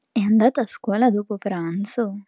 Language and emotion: Italian, surprised